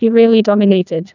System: TTS, neural waveform model